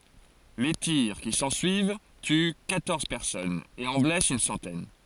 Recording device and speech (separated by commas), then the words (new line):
forehead accelerometer, read sentence
Les tirs qui s'ensuivent tuent quatorze personnes et en blessent une centaine.